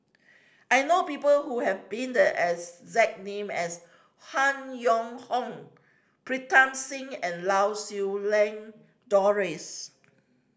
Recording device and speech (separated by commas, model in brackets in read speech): standing microphone (AKG C214), read sentence